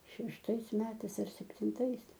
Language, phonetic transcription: Lithuanian, šešˈtais ˈmetais ar septinˈtais

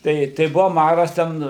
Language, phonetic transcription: Lithuanian, ˈtai tai ˈbuva ˈmaras ˈten

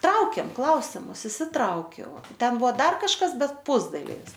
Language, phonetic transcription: Lithuanian, ˈtraukėm ˈklausimus išsiˈtraukiau ˈten ˈbuvo ˈdar kažˈkas ˈbet ˈpusdalivis

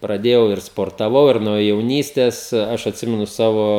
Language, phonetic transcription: Lithuanian, praˈdėjau ir sportaˈvau ir nuo jauˈnystes ˈaš atˈsimenu ˈsavo

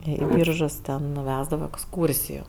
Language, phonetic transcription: Lithuanian, ˈį ˈbyržus ten nu ˈvesdavo eksˈkūrsijų

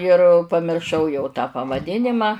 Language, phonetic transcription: Lithuanian, ir pamirˈšau jau tą pavaˈdinima

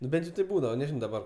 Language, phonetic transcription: Lithuanian, nu ˈben't' jau taip ˈbūdava neˈžino daˈbar

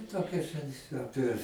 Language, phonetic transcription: Lithuanian, ˈtokiose ˈapie

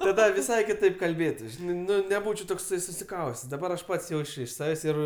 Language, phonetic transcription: Lithuanian, taˈda viˈsai kiˈtaip kalˈbėtus ˈžinai neˈbūčiau ˈtoksai susiˈkaustes daˈbar aš ˈpats ˈjauč' iš ˈsavės' ˈir

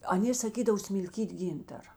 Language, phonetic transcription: Lithuanian, aˈnė saˈkydavo smilˈkyt' ˈgyntara

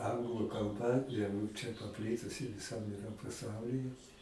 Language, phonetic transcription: Lithuanian, ˈanglu kalˈba jau čia paˈplitusi viˈsam iˈra paˈsaulyje

